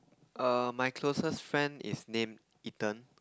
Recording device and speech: close-talking microphone, conversation in the same room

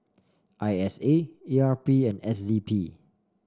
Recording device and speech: standing microphone (AKG C214), read sentence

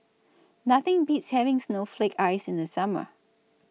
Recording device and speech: mobile phone (iPhone 6), read sentence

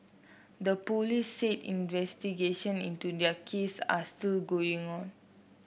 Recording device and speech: boundary microphone (BM630), read sentence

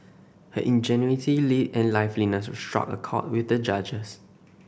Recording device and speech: boundary microphone (BM630), read sentence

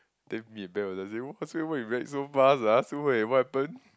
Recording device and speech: close-talking microphone, conversation in the same room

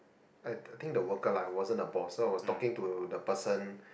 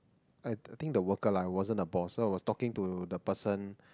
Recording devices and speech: boundary microphone, close-talking microphone, conversation in the same room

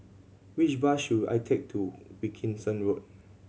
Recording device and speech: mobile phone (Samsung C7100), read sentence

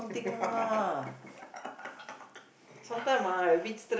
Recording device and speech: boundary microphone, conversation in the same room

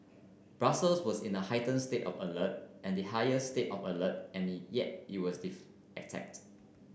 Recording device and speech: boundary microphone (BM630), read sentence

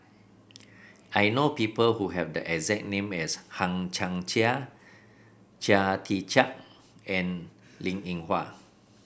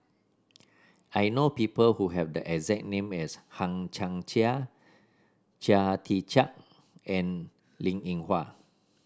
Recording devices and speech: boundary microphone (BM630), standing microphone (AKG C214), read sentence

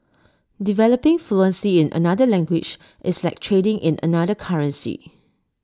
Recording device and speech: standing microphone (AKG C214), read sentence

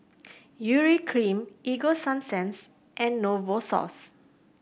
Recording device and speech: boundary microphone (BM630), read sentence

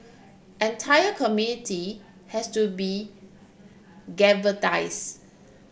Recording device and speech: boundary microphone (BM630), read sentence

